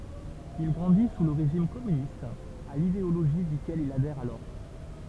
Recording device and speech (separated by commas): temple vibration pickup, read sentence